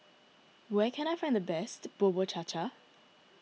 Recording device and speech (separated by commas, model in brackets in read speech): mobile phone (iPhone 6), read sentence